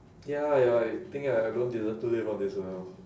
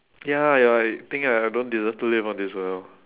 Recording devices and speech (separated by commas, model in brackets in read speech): standing microphone, telephone, conversation in separate rooms